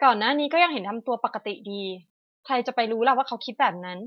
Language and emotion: Thai, neutral